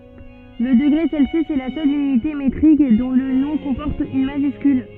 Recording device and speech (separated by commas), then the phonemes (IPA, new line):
soft in-ear microphone, read sentence
lə dəɡʁe sɛlsjys ɛ la sœl ynite metʁik dɔ̃ lə nɔ̃ kɔ̃pɔʁt yn maʒyskyl